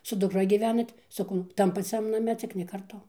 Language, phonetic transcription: Lithuanian, su dukˈra gyˈvenat saˈkau ˈtam paˈciam naˈme ˈcik ne karˈtu

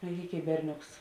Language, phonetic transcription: Lithuanian, merˈgėk' i ˈberˌnioks

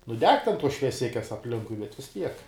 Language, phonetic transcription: Lithuanian, nu ˈdeg ten ˈtuos švieˈsikes apˈlinkui bet vis ˈtiek

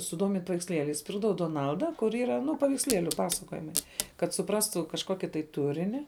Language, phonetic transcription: Lithuanian, suˈdomint' paveiksˈlėliais ˈpirkdavau doˈnalda kur ˈyra ˈnu paveiksˈlieliu ˈpasakojimai kad suˈprastų kažˈkoki tai ˈturini

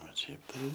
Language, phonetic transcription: Lithuanian, o ˈšiaip tai

